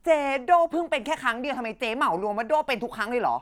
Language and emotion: Thai, angry